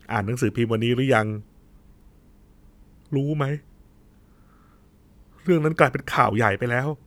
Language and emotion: Thai, sad